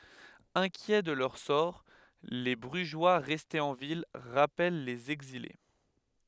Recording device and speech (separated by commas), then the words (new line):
headset microphone, read sentence
Inquiets de leur sort, les Brugeois restés en ville rappellent les exilés.